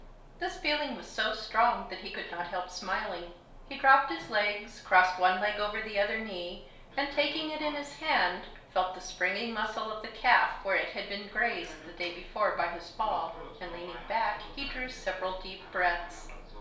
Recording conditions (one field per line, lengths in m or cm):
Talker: one person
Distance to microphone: 1.0 m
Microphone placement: close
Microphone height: 1.1 m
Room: small (3.7 m by 2.7 m)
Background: television